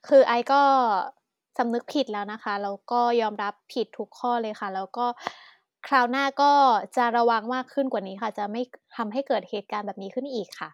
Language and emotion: Thai, sad